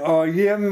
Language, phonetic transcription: Lithuanian, o ˈjiem

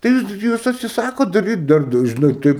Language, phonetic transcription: Lithuanian, tai ˈjūs ˈjūs atsiˈsakot daˈryt ˈdar da žiˈnai ˈtaip

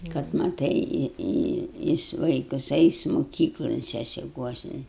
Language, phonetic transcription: Lithuanian, kad maˈtai ˈjis ˈvaikas ˈeis moˈkyklon sesiˈkuosin

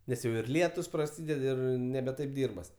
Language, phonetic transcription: Lithuanian, nes ˈjau ir ˈlietus praˈsyded ˈir nebe ˈtaip ˈdyrbas

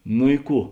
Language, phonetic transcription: Lithuanian, nu i ˈkų

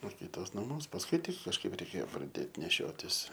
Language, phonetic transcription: Lithuanian, o ˈkytos naˈmuos pasˈkui ˈtik kažˈkaip reiˈkėjo praˈdėt neˈšiotis

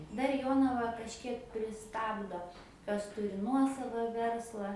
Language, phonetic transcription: Lithuanian, dar ˈjonava kažˈkiek priˈstabdo ˈkas ˈturi ˈnuosava ˈversla

